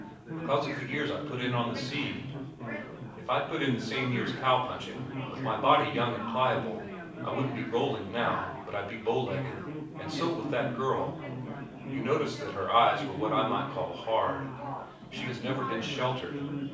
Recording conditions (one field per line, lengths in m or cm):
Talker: one person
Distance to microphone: 5.8 m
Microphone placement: far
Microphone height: 1.8 m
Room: medium-sized (5.7 m by 4.0 m)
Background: babble